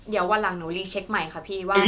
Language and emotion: Thai, neutral